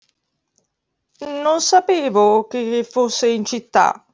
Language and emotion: Italian, fearful